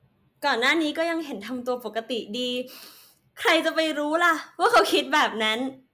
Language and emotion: Thai, happy